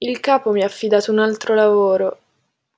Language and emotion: Italian, sad